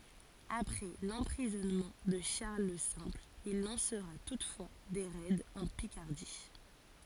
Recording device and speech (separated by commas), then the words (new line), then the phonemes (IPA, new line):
forehead accelerometer, read sentence
Après l’emprisonnement de Charles le Simple, il lancera toutefois des raids en Picardie.
apʁɛ lɑ̃pʁizɔnmɑ̃ də ʃaʁl lə sɛ̃pl il lɑ̃sʁa tutfwa de ʁɛdz ɑ̃ pikaʁdi